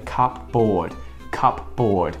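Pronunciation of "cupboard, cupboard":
'Cupboard' is pronounced incorrectly here.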